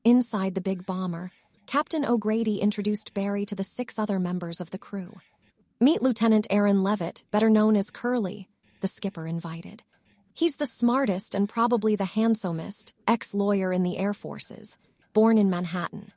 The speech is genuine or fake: fake